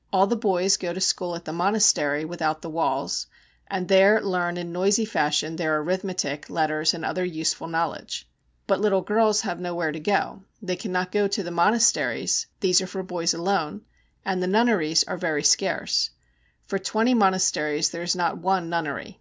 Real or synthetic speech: real